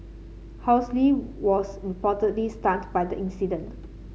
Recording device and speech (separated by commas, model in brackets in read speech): mobile phone (Samsung C7), read sentence